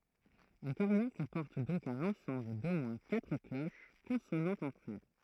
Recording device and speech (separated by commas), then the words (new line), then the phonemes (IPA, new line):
throat microphone, read sentence
Un carillon comporte donc un ensemble d'au moins quatre cloches consonantes entre elles.
œ̃ kaʁijɔ̃ kɔ̃pɔʁt dɔ̃k œ̃n ɑ̃sɑ̃bl do mwɛ̃ katʁ kloʃ kɔ̃sonɑ̃tz ɑ̃tʁ ɛl